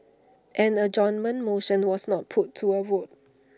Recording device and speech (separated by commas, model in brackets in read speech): standing microphone (AKG C214), read sentence